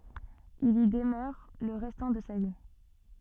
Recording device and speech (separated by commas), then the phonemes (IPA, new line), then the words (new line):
soft in-ear microphone, read sentence
il i dəmœʁ lə ʁɛstɑ̃ də sa vi
Il y demeure le restant de sa vie.